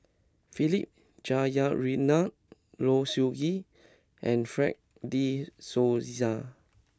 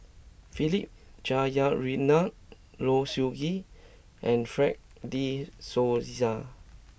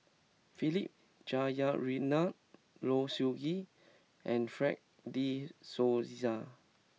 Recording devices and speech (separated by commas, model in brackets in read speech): close-talking microphone (WH20), boundary microphone (BM630), mobile phone (iPhone 6), read sentence